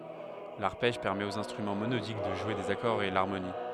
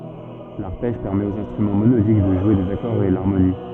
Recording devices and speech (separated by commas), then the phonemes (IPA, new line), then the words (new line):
headset microphone, soft in-ear microphone, read sentence
laʁpɛʒ pɛʁmɛt oz ɛ̃stʁymɑ̃ monodik də ʒwe dez akɔʁz e laʁmoni
L'arpège permet aux instruments monodiques de jouer des accords et l'harmonie.